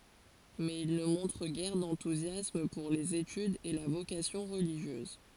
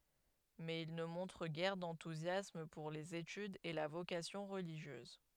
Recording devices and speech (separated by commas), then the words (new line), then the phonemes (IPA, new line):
forehead accelerometer, headset microphone, read sentence
Mais il ne montre guère d’enthousiasme pour les études et la vocation religieuse.
mɛz il nə mɔ̃tʁ ɡɛʁ dɑ̃tuzjasm puʁ lez etydz e la vokasjɔ̃ ʁəliʒjøz